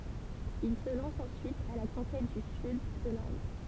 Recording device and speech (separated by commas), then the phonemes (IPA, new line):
temple vibration pickup, read sentence
il sə lɑ̃s ɑ̃syit a la kɔ̃kɛt dy syd də lɛ̃d